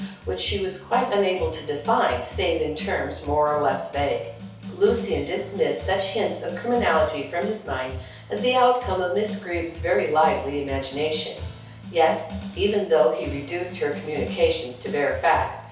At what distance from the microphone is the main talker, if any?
3.0 m.